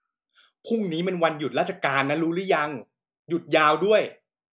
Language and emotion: Thai, angry